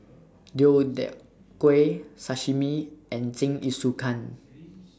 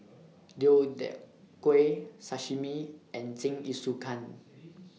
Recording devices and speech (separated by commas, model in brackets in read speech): standing microphone (AKG C214), mobile phone (iPhone 6), read sentence